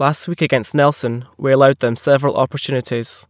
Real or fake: real